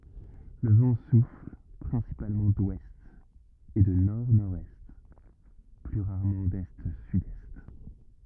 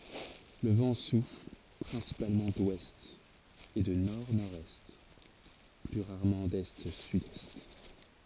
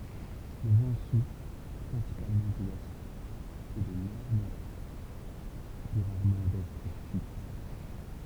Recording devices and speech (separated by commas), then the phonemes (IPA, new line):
rigid in-ear microphone, forehead accelerometer, temple vibration pickup, read sentence
lə vɑ̃ sufl pʁɛ̃sipalmɑ̃ dwɛst e də nɔʁdnɔʁdɛst ply ʁaʁmɑ̃ dɛstsydɛst